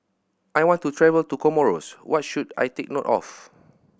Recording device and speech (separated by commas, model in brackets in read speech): boundary microphone (BM630), read sentence